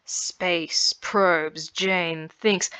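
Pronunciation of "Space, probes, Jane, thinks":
'Space, probes, Jane, thinks' takes a long time to say: it is a run of spondees, spoken with a slow rhythm.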